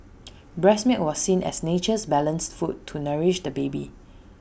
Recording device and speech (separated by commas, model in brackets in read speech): boundary microphone (BM630), read sentence